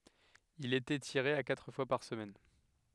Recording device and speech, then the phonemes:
headset microphone, read sentence
il etɛ tiʁe a katʁ fwa paʁ səmɛn

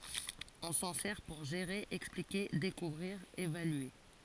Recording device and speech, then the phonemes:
forehead accelerometer, read sentence
ɔ̃ sɑ̃ sɛʁ puʁ ʒeʁe ɛksplike dekuvʁiʁ evalye

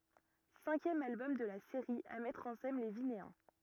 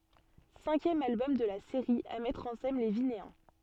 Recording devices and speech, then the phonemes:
rigid in-ear microphone, soft in-ear microphone, read sentence
sɛ̃kjɛm albɔm də la seʁi a mɛtʁ ɑ̃ sɛn le vineɛ̃

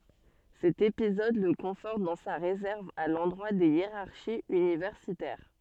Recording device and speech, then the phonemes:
soft in-ear microphone, read sentence
sɛt epizɔd lə kɔ̃fɔʁt dɑ̃ sa ʁezɛʁv a lɑ̃dʁwa de jeʁaʁʃiz ynivɛʁsitɛʁ

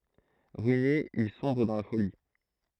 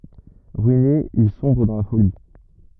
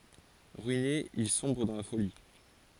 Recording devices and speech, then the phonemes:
throat microphone, rigid in-ear microphone, forehead accelerometer, read sentence
ʁyine il sɔ̃bʁ dɑ̃ la foli

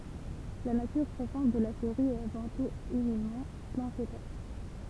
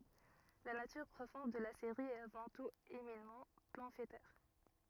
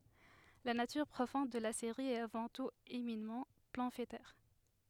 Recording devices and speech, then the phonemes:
temple vibration pickup, rigid in-ear microphone, headset microphone, read sentence
la natyʁ pʁofɔ̃d də la seʁi ɛt avɑ̃ tut eminamɑ̃ pɑ̃fletɛʁ

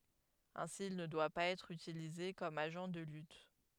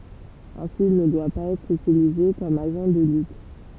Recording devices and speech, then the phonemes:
headset microphone, temple vibration pickup, read sentence
ɛ̃si il nə dwa paz ɛtʁ ytilize kɔm aʒɑ̃ də lyt

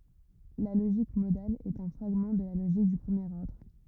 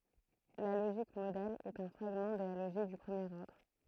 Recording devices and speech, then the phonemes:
rigid in-ear microphone, throat microphone, read sentence
la loʒik modal ɛt œ̃ fʁaɡmɑ̃ də la loʒik dy pʁəmjeʁ ɔʁdʁ

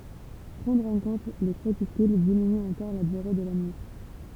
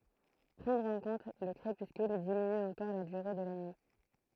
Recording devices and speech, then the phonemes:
temple vibration pickup, throat microphone, read sentence
pʁɑ̃dʁ ɑ̃ kɔ̃t lə kʁepyskyl diminy ɑ̃kɔʁ la dyʁe də la nyi

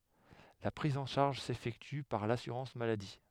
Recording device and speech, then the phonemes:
headset microphone, read sentence
la pʁiz ɑ̃ ʃaʁʒ sefɛkty paʁ lasyʁɑ̃s maladi

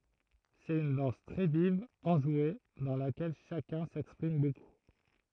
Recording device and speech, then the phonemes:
throat microphone, read sentence
sɛt yn dɑ̃s tʁɛ viv ɑ̃ʒwe dɑ̃ lakɛl ʃakœ̃ sɛkspʁim boku

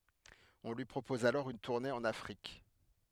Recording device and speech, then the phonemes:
headset microphone, read sentence
ɔ̃ lyi pʁopɔz alɔʁ yn tuʁne ɑ̃n afʁik

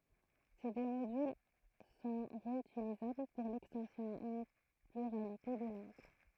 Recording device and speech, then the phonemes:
throat microphone, read sentence
se dø modyl sɔ̃ ʁeytilizabl puʁ lɛkstɑ̃sjɔ̃ a yn plyʁalite də lɑ̃ɡ

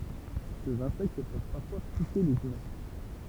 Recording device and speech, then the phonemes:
temple vibration pickup, read sentence
sez ɛ̃sɛkt pøv paʁfwa pike lez ymɛ̃

